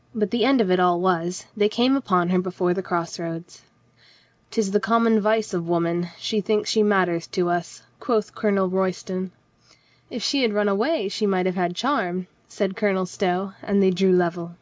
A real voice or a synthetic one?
real